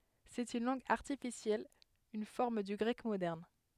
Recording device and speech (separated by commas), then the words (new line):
headset microphone, read sentence
C'est une langue artificielle, une forme du grec moderne.